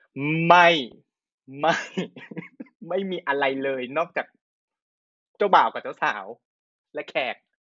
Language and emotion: Thai, happy